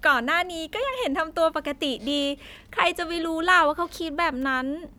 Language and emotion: Thai, happy